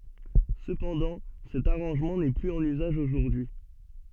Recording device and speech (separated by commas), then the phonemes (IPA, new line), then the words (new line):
soft in-ear microphone, read sentence
səpɑ̃dɑ̃ sɛt aʁɑ̃ʒmɑ̃ nɛ plyz ɑ̃n yzaʒ oʒuʁdyi
Cependant, cet arrangement n'est plus en usage aujourd'hui.